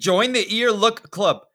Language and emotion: English, disgusted